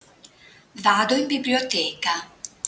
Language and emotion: Italian, neutral